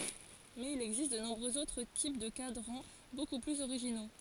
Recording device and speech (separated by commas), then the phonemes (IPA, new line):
forehead accelerometer, read sentence
mɛz il ɛɡzist də nɔ̃bʁøz otʁ tip də kadʁɑ̃ boku plyz oʁiʒino